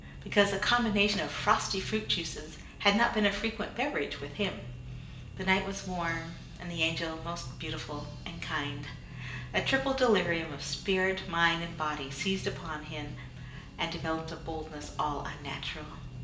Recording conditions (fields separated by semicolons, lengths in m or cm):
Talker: one person; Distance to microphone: 1.8 m; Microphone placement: close; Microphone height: 1.0 m; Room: large; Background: music